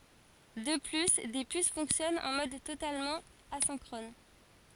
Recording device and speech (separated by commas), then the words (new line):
forehead accelerometer, read sentence
De plus, des puces fonctionnant en mode totalement asynchrone.